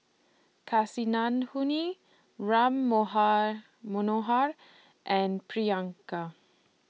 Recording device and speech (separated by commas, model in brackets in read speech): mobile phone (iPhone 6), read sentence